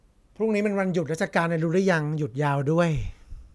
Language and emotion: Thai, frustrated